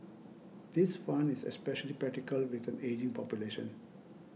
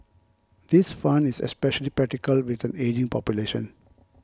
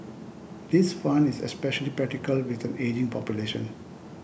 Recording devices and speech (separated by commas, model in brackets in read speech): mobile phone (iPhone 6), close-talking microphone (WH20), boundary microphone (BM630), read sentence